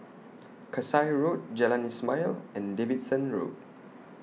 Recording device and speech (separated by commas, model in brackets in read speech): mobile phone (iPhone 6), read sentence